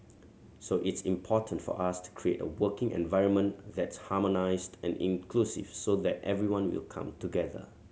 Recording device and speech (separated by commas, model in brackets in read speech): mobile phone (Samsung C7100), read sentence